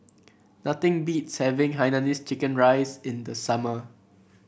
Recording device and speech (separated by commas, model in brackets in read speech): boundary microphone (BM630), read sentence